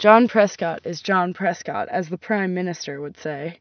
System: none